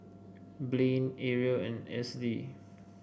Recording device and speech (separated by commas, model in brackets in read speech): boundary microphone (BM630), read sentence